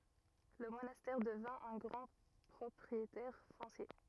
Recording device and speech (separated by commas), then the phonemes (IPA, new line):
rigid in-ear microphone, read sentence
lə monastɛʁ dəvɛ̃ œ̃ ɡʁɑ̃ pʁɔpʁietɛʁ fɔ̃sje